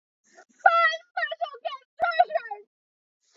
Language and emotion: English, sad